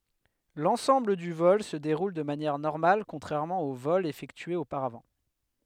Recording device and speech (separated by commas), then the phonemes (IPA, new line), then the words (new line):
headset microphone, read sentence
lɑ̃sɑ̃bl dy vɔl sə deʁul də manjɛʁ nɔʁmal kɔ̃tʁɛʁmɑ̃ o vɔlz efɛktyez opaʁavɑ̃
L'ensemble du vol se déroule de manière normale contrairement aux vols effectués auparavant.